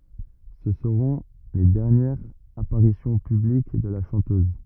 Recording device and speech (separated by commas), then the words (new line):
rigid in-ear microphone, read sentence
Ce seront les dernières apparitions publiques de la chanteuse.